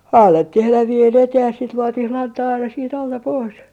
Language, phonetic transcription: Finnish, (annettih ‿elävi₍en eteh) ja siit 'luotih "lantaa aina siit alta 'pois .
- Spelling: annettiin elävien eteen ja siitä luotiin lantaa aina siitä alta pois

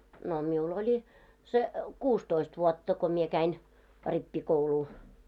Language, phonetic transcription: Finnish, no 'miu"l ‿oĺi , se , "kuustoist vuɔtta ko mie käin , "rippi'kouluu .
- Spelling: no minulla oli se kuusitoista vuotta kun minä kävin rippikoulua

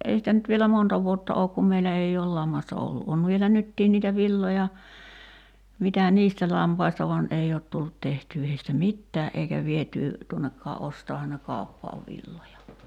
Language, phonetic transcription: Finnish, 'ei sitä nyt vielä "monta vuotta ook kum 'meilä ei ool "lammasta ollu '’on vielä "nyttiin niitä 'villoja , mitä "niistä 'lampaista van '’ei oot tullut 'tehtyy heistä "mittää’ '’eikä vietyy , 'tuonnekkaa '’ostaahan ne "kàu̬ppaav 'villoja .
- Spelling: ei sitä nyt vielä monta vuotta ole kun meillä ei ole lammasta ollut on vielä nytkin niitä villoja mitä niistä lampaista vaan ei ole tullut tehtyä heistä mitään eikä vietyä tuonnekaan ostaahan ne kauppaan villoja

